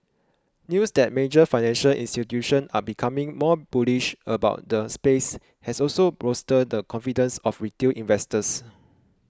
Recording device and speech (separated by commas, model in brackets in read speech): close-talking microphone (WH20), read sentence